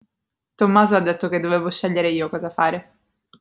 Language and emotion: Italian, neutral